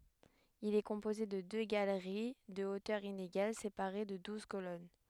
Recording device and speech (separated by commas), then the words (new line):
headset microphone, read sentence
Il est composé de deux galeries de hauteur inégale séparées de douze colonnes.